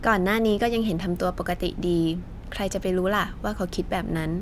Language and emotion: Thai, neutral